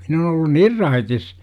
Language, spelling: Finnish, minä olen ollut niin raitis
- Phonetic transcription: min ‿on ‿ollun "nir 'raitis .

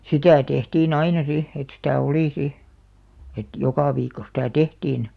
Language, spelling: Finnish, sitä tehtiin aina sitten että sitä oli sitten että joka viikko sitä tehtiin
- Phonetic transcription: sitä̀ 'tehtii"n ‿aina 'si , et sitä̀ "olì 'si , 'et "jokà viikko 'sitä̀ "tehtiin .

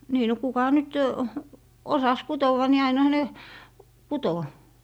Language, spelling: Finnish, niin no kuka nyt osasi kutoa niin ainahan ne kutoi
- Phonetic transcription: nii no 'kuka nyt , "osas 'kutowa ni ainᵃha ne , 'kuto .

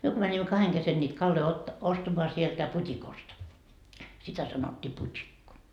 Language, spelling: Finnish, me kun menimme kahden kesken niitä kaloja - ostamaan sieltä putikosta sitä sanottiin putikko
- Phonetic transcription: 'myö ko mäńimmä 'kaheŋ kesen ńiit 'kalloi otta- , 'ostamoa sieltä "put́ikost , sitä sanot́t́ii put́ikko .

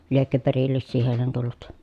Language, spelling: Finnish, liekö perillisiä heille tullut
- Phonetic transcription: liekkö perillissii hèilen tullut .

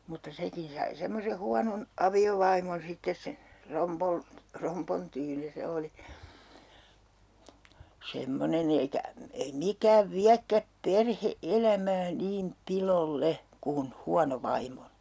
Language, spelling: Finnish, mutta sekin sai semmoisen huonon aviovaimon sitten se eikä ei mikään viekään perhe-elämää niin piloille kuin huono vaimo
- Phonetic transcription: mutta 'sekin sai 'semmose 'huanon , "avi₍ovaimon 'sittes se - - eikä , 'ei "mikääv "viäkkäp "perhe₍"elämää 'niim "pilol"le , kun 'huano 'vaimmo .

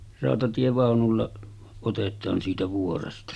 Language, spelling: Finnish, rautatievaunulla otetaan siitä vuoresta
- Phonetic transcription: ràotatievàonulla otet̆taan siitä 'vuoresta .

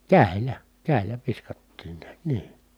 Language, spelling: Finnish, kädellä kädellä viskattiin näet niin
- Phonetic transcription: kä̀i̮l̀ä , kä̀i̮l̆lä viskattiin niät nii .

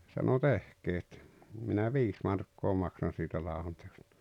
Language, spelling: Finnish, sanoi tehkää että minä viisi markkaa maksan siitä ladonteosta
- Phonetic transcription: sano » "tehkee et , minä "viis markkoo 'maksan̬ sitiä 'laa₍onteostᴀ « .

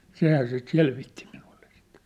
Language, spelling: Finnish, sehän sitä selvitti minulle sitten
- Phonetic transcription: 'sehää sit 'selvitti minuʟʟᴇ sɪt .

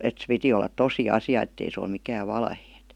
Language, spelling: Finnish, että se piti olla tosi asia että ei se ole mikään valhe
- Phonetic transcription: et se piti ollat "tosi 'asi₍à ettei se oi mikääv 'valhee(t) .

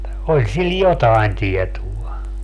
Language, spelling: Finnish, oli sillä jotakin tietoa
- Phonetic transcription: 'oĺ sil "jotaen 'tietua .

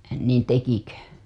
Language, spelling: Finnish, niin tekikö
- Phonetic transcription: niin 'tekikö ?

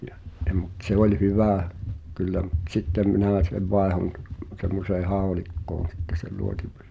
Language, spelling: Finnish, ja ja mutta se oli hyvä kyllä mutta sitten minä sen vaihdoin ja semmoiseen haulikkoon sitten sen luotipyssyn
- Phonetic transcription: ʲᵃ , ʲᵃ mut 'se ‿oĺ "hyvä̀ , 'kyllä mut"t ‿sittem 'minä̀ sev 'vaehon ᵗᵁ , semmosee "haolikkoon̬ sitte sel 'luotipʏs[sy] .

